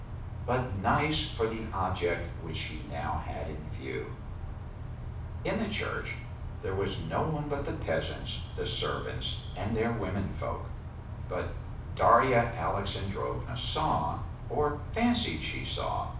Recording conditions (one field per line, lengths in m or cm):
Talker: one person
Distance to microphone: 5.8 m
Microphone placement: far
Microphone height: 1.8 m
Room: medium-sized (5.7 m by 4.0 m)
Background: none